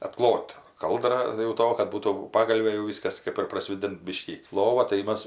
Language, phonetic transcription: Lithuanian, atˈklot ˈkaldra jau ˈto kad ˈbūtų ˈpagalvė jau ˈvyskas ˈkɜp ir praˈsvėdint ˈbiškį ˈlova tai ˈmas

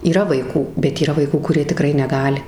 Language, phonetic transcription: Lithuanian, yˈra vaiˈkų bet yˈra vaiˈkų kuˈrie tiˈkrai neˈgali

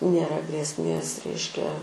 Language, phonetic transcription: Lithuanian, nėˈra grėsˈmės ˈreiškia

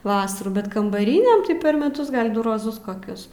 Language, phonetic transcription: Lithuanian, ˈvasarų bet kambaˈrynėm tai per meˈtus gal' ˈdu roˈzus koˈkius

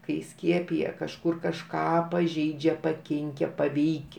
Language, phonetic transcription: Lithuanian, kai ˈskiepija kažˈkur kažˈką paˈžeidžia paˈkinke paˈveik'

